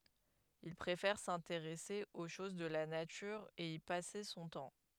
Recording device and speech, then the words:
headset microphone, read sentence
Il préfère s’intéresser aux choses de la nature et y passer son temps.

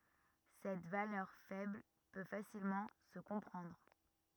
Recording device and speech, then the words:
rigid in-ear microphone, read sentence
Cette valeur faible peut facilement se comprendre.

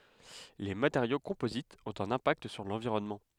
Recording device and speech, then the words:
headset microphone, read sentence
Les matériaux composites ont un impact sur l'environnement.

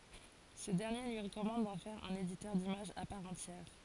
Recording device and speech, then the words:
forehead accelerometer, read sentence
Ce dernier lui recommande d'en faire un éditeur d'images à part entière.

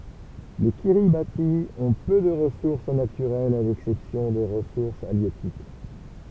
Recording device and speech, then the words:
temple vibration pickup, read sentence
Les Kiribati ont peu de ressources naturelles à l'exception des ressources halieutiques.

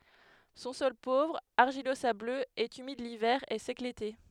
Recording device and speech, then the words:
headset microphone, read sentence
Son sol pauvre, argilo-sableux, est humide l'hiver et sec l'été.

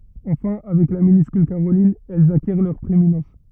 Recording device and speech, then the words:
rigid in-ear microphone, read sentence
Enfin, avec la minuscule caroline, elles acquièrent leur prééminence.

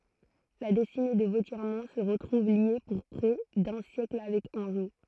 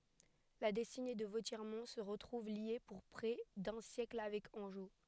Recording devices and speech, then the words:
throat microphone, headset microphone, read sentence
La destinée de Vauthiermont se retrouve liée pour près d'un siècle avec Angeot.

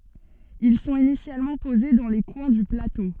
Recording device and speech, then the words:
soft in-ear microphone, read sentence
Ils sont initialement posés dans les coins du plateau.

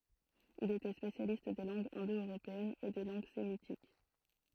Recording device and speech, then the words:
throat microphone, read sentence
Il était spécialiste des langues indo-européennes et des langues sémitiques.

